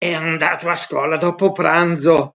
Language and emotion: Italian, disgusted